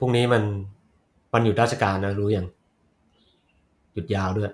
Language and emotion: Thai, neutral